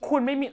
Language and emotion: Thai, angry